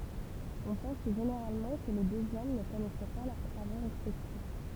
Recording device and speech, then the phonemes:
temple vibration pickup, read sentence
ɔ̃ pɑ̃s ʒeneʁalmɑ̃ kə le døz ɔm nə kɔnɛsɛ pa lœʁ tʁavo ʁɛspɛktif

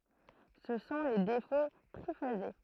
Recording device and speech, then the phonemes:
throat microphone, read sentence
sə sɔ̃ le defo tʁifaze

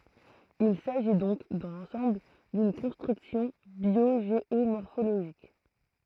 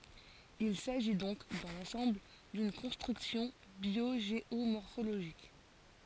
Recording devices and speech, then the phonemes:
throat microphone, forehead accelerometer, read sentence
il saʒi dɔ̃k dɑ̃ lɑ̃sɑ̃bl dyn kɔ̃stʁyksjɔ̃ bjoʒeomɔʁfoloʒik

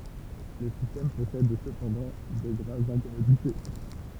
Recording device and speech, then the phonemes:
temple vibration pickup, read sentence
lə sistɛm pɔsɛd səpɑ̃dɑ̃ də ɡʁavz ɛ̃kɔmodite

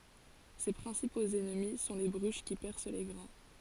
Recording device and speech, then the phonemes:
forehead accelerometer, read sentence
se pʁɛ̃sipoz ɛnmi sɔ̃ le bʁyʃ ki pɛʁs le ɡʁɛ̃

